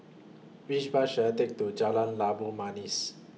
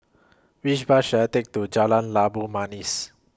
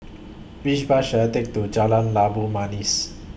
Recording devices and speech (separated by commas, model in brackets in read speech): mobile phone (iPhone 6), close-talking microphone (WH20), boundary microphone (BM630), read sentence